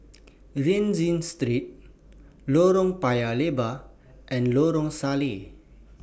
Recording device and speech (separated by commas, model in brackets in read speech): boundary microphone (BM630), read sentence